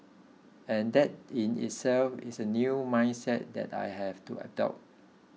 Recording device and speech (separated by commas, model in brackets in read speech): mobile phone (iPhone 6), read sentence